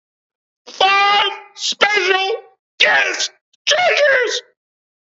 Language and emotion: English, happy